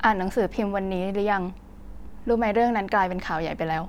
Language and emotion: Thai, neutral